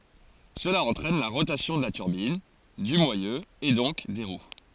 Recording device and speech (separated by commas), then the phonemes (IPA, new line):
forehead accelerometer, read sentence
səla ɑ̃tʁɛn la ʁotasjɔ̃ də la tyʁbin dy mwajø e dɔ̃k de ʁw